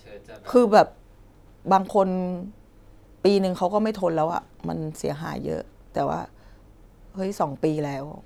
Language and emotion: Thai, sad